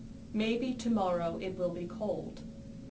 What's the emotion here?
neutral